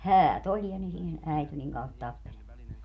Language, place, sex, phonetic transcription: Finnish, Padasjoki, female, "häät ‿oĺ ja (ne siinä) , 'äity niŋ kauheest 'tappelemaa .
- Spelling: häät oli ja ne siinä äityi niin kauheasti tappelemaan

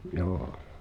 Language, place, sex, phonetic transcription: Finnish, Pihtipudas, male, joo .
- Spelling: joo

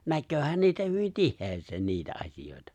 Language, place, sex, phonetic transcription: Finnish, Lapinlahti, male, 'näkkööhän 'niitä hyvin "tihhees̀een 'niitä '’aśijòitᴀ .
- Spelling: näkeehän niitä hyvin tiheään niitä asioita

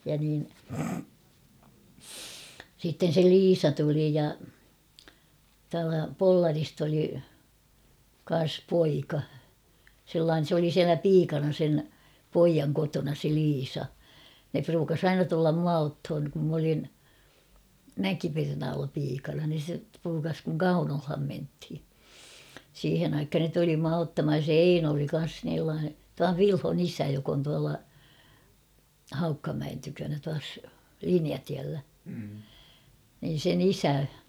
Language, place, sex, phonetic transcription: Finnish, Kauhava, female, ja niin , sitten̬ se "Liisa 'tuli ja , tualta "Pollarist ‿oli , kan̬s 'poika , sellaa[n̬en] s ‿oli 'siälä "piikana sen , 'poijaŋ kotona se 'Liisa- ne pruukas ‿"aina tullam 'mua othon , kum m ‿olin , "Mäkipernaalla 'piikana nin̬ se 'pruukas kuŋ "Kaunolham menthi , 'siihen ‿aikhan ne tuli mua 'ottamhaj ja se "Eino oli kan̬s — tuav "Vilhon ‿"isä jok ‿on tuala , 'Haukkamäen tykönä tuas , "Liniatiällä , nin̬ sen ‿"isä .
- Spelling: ja niin sitten se Liisa tuli ja tuolta Pollarista oli kanssa poika sellainen se oli siellä piikana sen pojan kotona se Liisa ne pruukasi aina tulla minua ottamaan kun minä olin Mäkipernaalla piikana niin se pruukasi kun Kaunolaan mentiin siihen aikaan ne tuli minua ottamaan ja se Eino oli kanssa - tuon Vilhon isä joka on tuolla Haukkamäen tykönä tuossa Linjatiellä niin sen isä

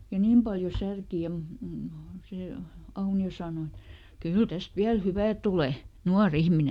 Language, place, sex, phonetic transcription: Finnish, Lieto, female, ja ˈniim paljo ˈsärki ja , mu- m- ˈsè , ˈAuni₍o saano et » "kyl ˈtäst ˈviäl "hyvä̀ ˈtule , ˈnuaˈr ‿ihmine » .
- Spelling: ja niin paljon särki ja - - se Aunio sanoi että kyllä tästä vielä hyvä tulee nuori ihminen

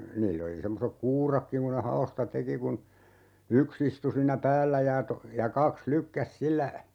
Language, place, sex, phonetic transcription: Finnish, Urjala, male, 'niill ‿oli 'semmosek "kuurakkiŋ ku ne 'ha₍osta 'teki kun , 'yks ‿istu 'siinnä "päällä ja to- , ja 'kaks "lykkäs 'sillä , .
- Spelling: niillä oli semmoiset kuuratkin kun ne haosta teki kun yksi istui siinä päällä ja - ja kaksi lykkäsi sillä

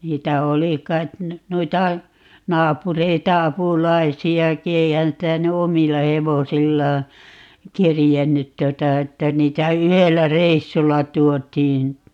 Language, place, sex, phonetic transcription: Finnish, Paavola, female, 'niitä "oli kait , 'noita , 'naapureita "apulaisi₍aki - 'eihän sitä ny "omilla 'hevosillaa , "kerjennyt 'tuota 'että 'niitä "yhellä "reissulla 'tuot̀iin .
- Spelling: niitä oli kai noita naapureita apulaisiakin eihän sitä nyt omilla hevosillaan kerinnyt tuota että niitä yhdellä reissulla tuotiin

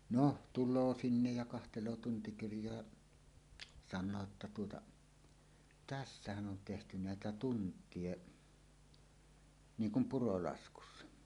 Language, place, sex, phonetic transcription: Finnish, Suomussalmi, male, no , "tul̆loo 'sinnej ja kahteloo 'tuntikirj̀oa , 'sannoo että että tuota , » 'tässähän 'on tehty "nä̀etä tunt̀ie , 'niiŋ kum 'purolaskussa « .
- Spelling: no tulee sinne ja katselee tuntikirjoja sanoo että että tuota tässähän on tehty näitä tunteja niin kuin purolaskussa

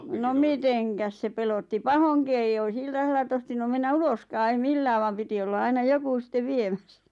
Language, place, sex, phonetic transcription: Finnish, Lappajärvi, female, nom "miteŋkäs se pelotti "pahoŋki 'eij ‿ois "iltasella 'tohtinum mennä "uloskaa ei "millää vam 'piti olla 'aina 'joku sⁱtte "viemässᴀ̈ .
- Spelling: no mitenkäs se pelotti pahoinkin ei olisi iltasella tohtinut mennä uloskaan ei millään vaan piti olla aina joku sitten viemässä

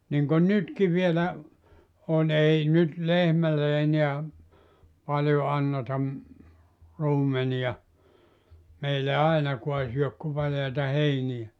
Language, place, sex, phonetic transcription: Finnish, Joutsa, male, niŋkon 'nytki vielä , on 'ei 'nyt "lehmälle 'eniä , 'paljo 'anneta ‿m- , 'ruumeniʲa , 'meillä "ainakua 'syök ku paljaita "heiniʲä .
- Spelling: niin kuin nytkin vielä on ei nyt lehmälle enää paljon anneta - ruumenia meillä ainakaan syö kuin paljaita heiniä

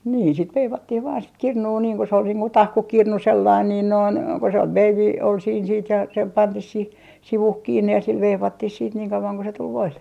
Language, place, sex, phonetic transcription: Finnish, Artjärvi, female, 'niin sit "veivattih vaan sit "kirnuu niiŋ ku se ol niiŋ ku "tahkukirnu 'sellain 'niin 'noin , ko se 'veivi , ol siin siit ja se 'pantih sih , 'sivuh 'kiinne ja sil 'veivattih siit niiŋ 'kau₍aŋ ku se 'tul "voille .
- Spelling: niin sitten veivattiin vain sitä kirnua niin kun se oli niin kuin tahkukirnu sellainen niin noin kun se veivi oli siinä sitten ja se pantiin siihen sivuun kiinni ja sillä veivattiin sitten niin kauan kuin se tuli voille

